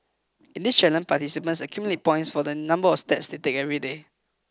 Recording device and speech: close-talking microphone (WH20), read sentence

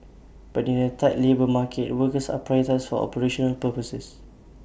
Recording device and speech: boundary microphone (BM630), read sentence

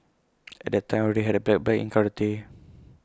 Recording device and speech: close-talking microphone (WH20), read sentence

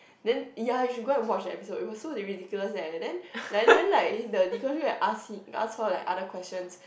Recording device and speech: boundary microphone, conversation in the same room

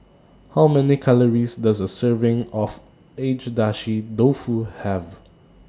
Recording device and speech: standing microphone (AKG C214), read sentence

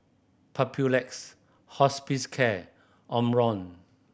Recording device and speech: boundary microphone (BM630), read sentence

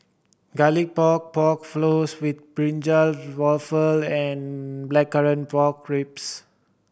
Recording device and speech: boundary microphone (BM630), read sentence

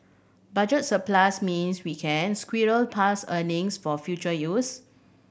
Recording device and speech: boundary microphone (BM630), read sentence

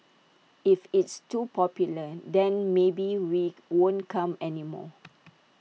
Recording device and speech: mobile phone (iPhone 6), read sentence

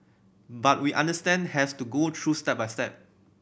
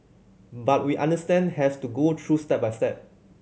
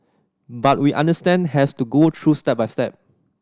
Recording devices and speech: boundary microphone (BM630), mobile phone (Samsung C7100), standing microphone (AKG C214), read sentence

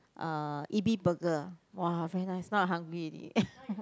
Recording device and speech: close-talking microphone, conversation in the same room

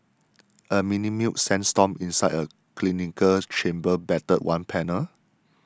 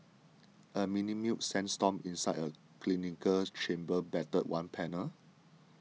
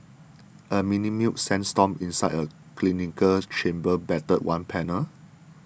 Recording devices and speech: standing microphone (AKG C214), mobile phone (iPhone 6), boundary microphone (BM630), read sentence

